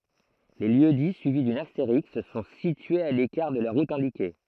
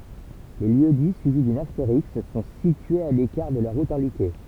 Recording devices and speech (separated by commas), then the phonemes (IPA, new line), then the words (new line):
throat microphone, temple vibration pickup, read sentence
le ljøksdi syivi dyn asteʁisk sɔ̃ sityez a lekaʁ də la ʁut ɛ̃dike
Les lieux-dits suivis d'une astérisque sont situés à l'écart de la route indiquée.